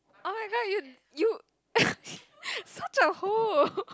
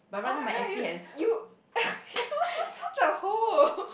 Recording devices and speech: close-talking microphone, boundary microphone, conversation in the same room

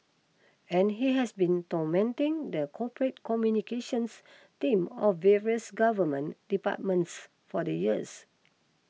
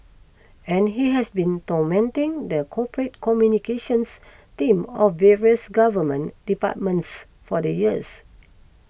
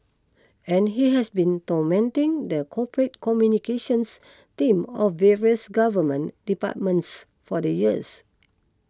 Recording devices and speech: mobile phone (iPhone 6), boundary microphone (BM630), close-talking microphone (WH20), read sentence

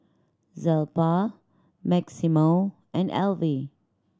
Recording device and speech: standing microphone (AKG C214), read sentence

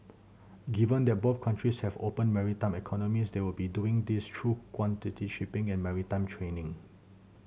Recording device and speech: mobile phone (Samsung C7100), read sentence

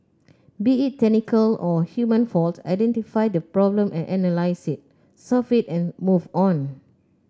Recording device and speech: close-talking microphone (WH30), read sentence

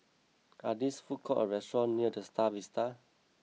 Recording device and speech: mobile phone (iPhone 6), read sentence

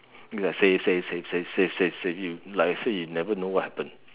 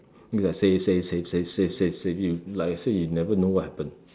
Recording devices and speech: telephone, standing microphone, conversation in separate rooms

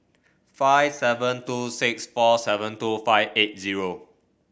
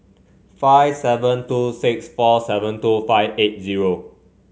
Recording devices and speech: boundary microphone (BM630), mobile phone (Samsung C5), read sentence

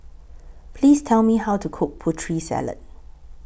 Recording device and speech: boundary microphone (BM630), read sentence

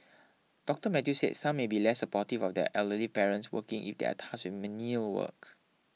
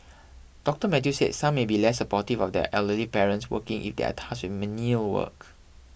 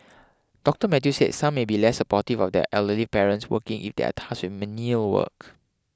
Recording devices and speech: mobile phone (iPhone 6), boundary microphone (BM630), close-talking microphone (WH20), read sentence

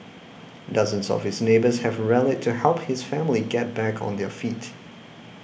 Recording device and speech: boundary microphone (BM630), read sentence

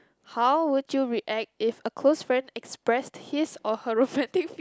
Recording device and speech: close-talking microphone, conversation in the same room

